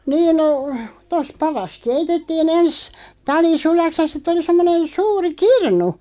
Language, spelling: Finnish, niin no tuossa padassa keitettiin ensin tali sulaksi ja sitten oli semmoinen suuri kirnu
- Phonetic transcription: 'niin no , 'tos "paras "keitettii'n ‿ens , 'tali "sulaks ja siᵗ ‿oli 'semmonen 'suuri "kirnu .

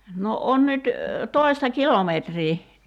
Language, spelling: Finnish, no on nyt toista kilometriä
- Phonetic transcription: no 'on nyt , 'toi̬sta "kilometrii .

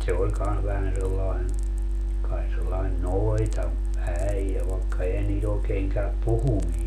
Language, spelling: Finnish, se oli kanssa vähän sellainen kai sellainen - noitaäijä vaikka eihän niitä oikein käy puhuminen
- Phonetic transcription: 'se oĺ kans vähän sellain , kai sellain "noita , -'äijä vaekka 'ehän nii't ‿ookeeŋ käöp "puhumii .

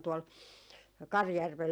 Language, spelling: Finnish, tuolla Karjärvellä
- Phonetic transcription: tuol , "Karjärvel ,.

